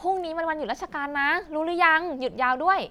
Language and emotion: Thai, happy